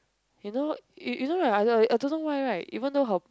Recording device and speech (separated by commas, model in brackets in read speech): close-talking microphone, conversation in the same room